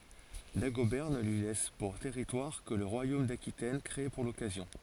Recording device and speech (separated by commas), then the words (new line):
forehead accelerometer, read sentence
Dagobert ne lui laisse pour territoire que le royaume d'Aquitaine, créé pour l'occasion.